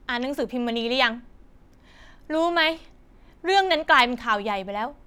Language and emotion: Thai, frustrated